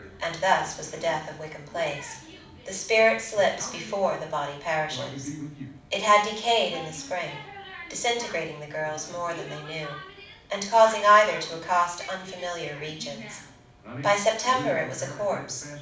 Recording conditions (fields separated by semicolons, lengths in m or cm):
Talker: one person; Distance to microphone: 5.8 m; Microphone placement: far; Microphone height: 1.8 m; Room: medium-sized (5.7 m by 4.0 m); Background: television